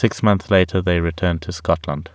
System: none